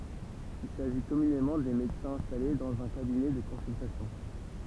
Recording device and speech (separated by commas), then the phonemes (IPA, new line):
temple vibration pickup, read sentence
il saʒi kɔmynemɑ̃ de medəsɛ̃z ɛ̃stale dɑ̃z œ̃ kabinɛ də kɔ̃syltasjɔ̃